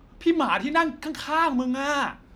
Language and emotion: Thai, frustrated